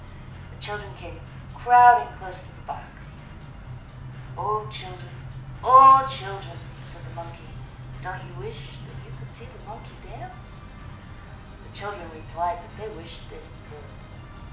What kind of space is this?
A mid-sized room.